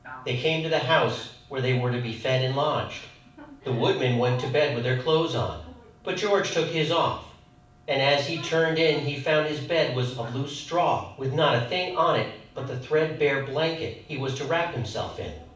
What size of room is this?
A mid-sized room.